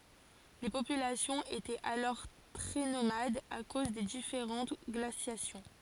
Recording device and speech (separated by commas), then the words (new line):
forehead accelerometer, read sentence
Les populations étaient alors très nomades à cause des différentes glaciations.